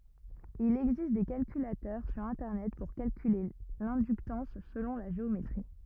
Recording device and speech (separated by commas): rigid in-ear microphone, read sentence